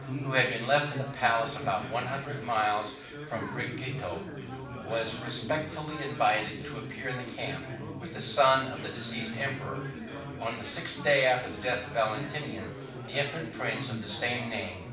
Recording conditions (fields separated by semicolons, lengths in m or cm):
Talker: one person; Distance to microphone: 5.8 m; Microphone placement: far; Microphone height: 1.8 m; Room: medium-sized (5.7 m by 4.0 m); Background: babble